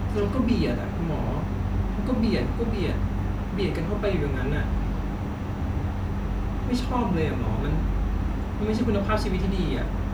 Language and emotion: Thai, frustrated